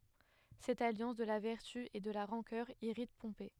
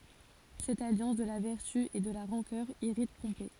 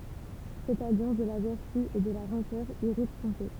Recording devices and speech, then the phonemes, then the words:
headset microphone, forehead accelerometer, temple vibration pickup, read sentence
sɛt aljɑ̃s də la vɛʁty e də la ʁɑ̃kœʁ iʁit pɔ̃pe
Cette alliance de la vertu et de la rancœur irrite Pompée.

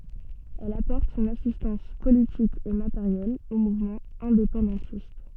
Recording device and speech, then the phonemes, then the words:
soft in-ear microphone, read sentence
ɛl apɔʁt sɔ̃n asistɑ̃s politik e mateʁjɛl o muvmɑ̃z ɛ̃depɑ̃dɑ̃tist
Elle apporte son assistance politique et matérielle aux mouvements indépendantistes.

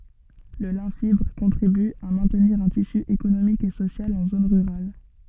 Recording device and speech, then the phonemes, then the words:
soft in-ear microphone, read sentence
lə lɛ̃ fibʁ kɔ̃tʁiby a mɛ̃tniʁ œ̃ tisy ekonomik e sosjal ɑ̃ zon ʁyʁal
Le lin fibre contribue à maintenir un tissu économique et social en zones rurales.

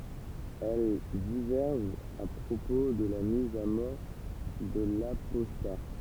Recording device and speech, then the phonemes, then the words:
temple vibration pickup, read sentence
ɛl divɛʁʒt a pʁopo də la miz a mɔʁ də lapɔsta
Elles divergent à propos de la mise à mort de l'apostat.

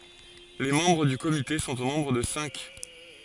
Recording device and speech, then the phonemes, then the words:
forehead accelerometer, read sentence
le mɑ̃bʁ dy komite sɔ̃t o nɔ̃bʁ də sɛ̃k
Les membres du comité sont au nombre de cinq.

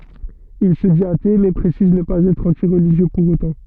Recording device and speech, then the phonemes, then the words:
soft in-ear microphone, read sentence
il sə dit ate mɛ pʁesiz nə paz ɛtʁ ɑ̃ti ʁəliʒjø puʁ otɑ̃
Il se dit athée mais précise ne pas être anti-religieux pour autant.

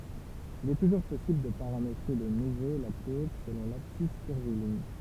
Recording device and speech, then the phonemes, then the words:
temple vibration pickup, read sentence
il ɛ tuʒuʁ pɔsibl də paʁametʁe də nuvo la kuʁb səlɔ̃ labsis kyʁviliɲ
Il est toujours possible de paramétrer de nouveau la courbe selon l'abscisse curviligne.

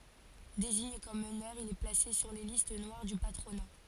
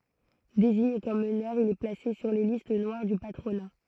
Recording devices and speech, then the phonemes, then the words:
forehead accelerometer, throat microphone, read sentence
deziɲe kɔm mənœʁ il ɛ plase syʁ le list nwaʁ dy patʁona
Désigné comme meneur, il est placé sur les listes noires du patronat.

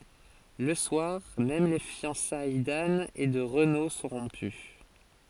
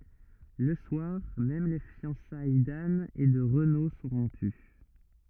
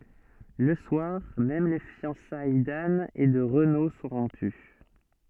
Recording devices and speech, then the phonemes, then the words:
forehead accelerometer, rigid in-ear microphone, soft in-ear microphone, read sentence
lə swaʁ mɛm le fjɑ̃saj dan e də ʁəno sɔ̃ ʁɔ̃py
Le soir même les fiançailles d'Anne et de Renaud sont rompues.

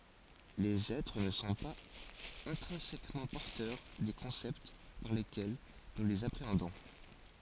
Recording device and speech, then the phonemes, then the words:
forehead accelerometer, read sentence
lez ɛtʁ nə sɔ̃ paz ɛ̃tʁɛ̃sɛkmɑ̃ pɔʁtœʁ de kɔ̃sɛpt paʁ lekɛl nu lez apʁeɑ̃dɔ̃
Les êtres ne sont pas intrinsèquement porteurs des concepts par lesquels nous les appréhendons.

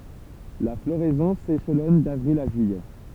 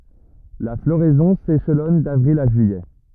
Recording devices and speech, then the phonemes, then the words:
temple vibration pickup, rigid in-ear microphone, read sentence
la floʁɛzɔ̃ seʃlɔn davʁil a ʒyijɛ
La floraison s'échelonne d'avril à juillet.

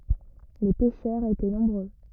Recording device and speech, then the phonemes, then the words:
rigid in-ear microphone, read sentence
le pɛʃœʁz etɛ nɔ̃bʁø
Les pêcheurs étaient nombreux.

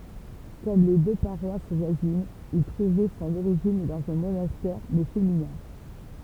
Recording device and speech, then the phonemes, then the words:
temple vibration pickup, read sentence
kɔm le dø paʁwas vwazinz il tʁuvɛ sɔ̃n oʁiʒin dɑ̃z œ̃ monastɛʁ mɛ feminɛ̃
Comme les deux paroisses voisines, il trouvait son origine dans un monastère, mais féminin.

